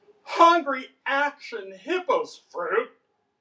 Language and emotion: English, disgusted